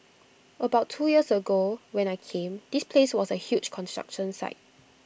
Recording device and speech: boundary microphone (BM630), read sentence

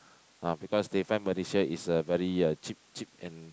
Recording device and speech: close-talking microphone, conversation in the same room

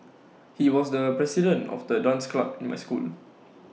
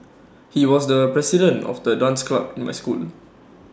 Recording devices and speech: mobile phone (iPhone 6), standing microphone (AKG C214), read sentence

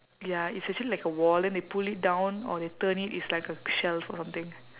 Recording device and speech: telephone, conversation in separate rooms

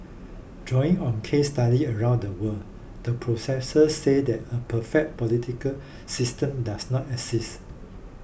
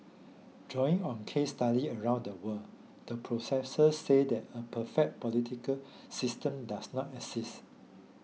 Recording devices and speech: boundary microphone (BM630), mobile phone (iPhone 6), read sentence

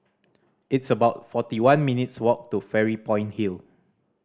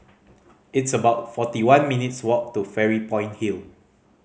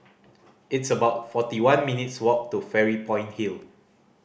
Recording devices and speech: standing microphone (AKG C214), mobile phone (Samsung C5010), boundary microphone (BM630), read sentence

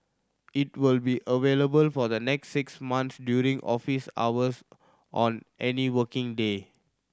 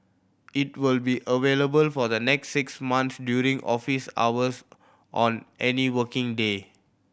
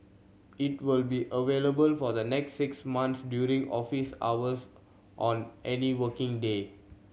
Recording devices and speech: standing microphone (AKG C214), boundary microphone (BM630), mobile phone (Samsung C7100), read sentence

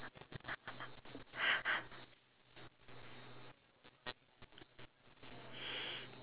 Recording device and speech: telephone, conversation in separate rooms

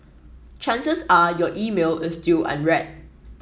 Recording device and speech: mobile phone (iPhone 7), read sentence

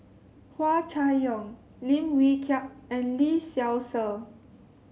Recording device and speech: mobile phone (Samsung C7), read sentence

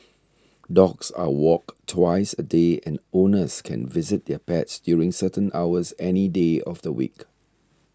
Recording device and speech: standing microphone (AKG C214), read sentence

